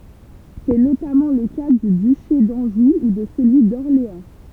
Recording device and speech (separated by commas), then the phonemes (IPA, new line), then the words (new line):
temple vibration pickup, read sentence
sɛ notamɑ̃ lə ka dy dyʃe dɑ̃ʒu u də səlyi dɔʁleɑ̃
C'est notamment le cas du duché d'Anjou ou de celui d'Orléans.